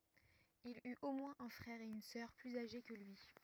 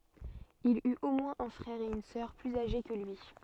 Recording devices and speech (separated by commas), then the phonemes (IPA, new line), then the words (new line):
rigid in-ear microphone, soft in-ear microphone, read sentence
il yt o mwɛ̃z œ̃ fʁɛʁ e yn sœʁ plyz aʒe kə lyi
Il eut au moins un frère et une sœur plus âgés que lui.